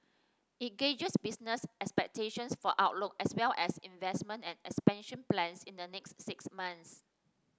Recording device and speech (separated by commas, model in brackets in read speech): standing microphone (AKG C214), read sentence